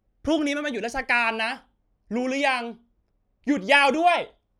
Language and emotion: Thai, angry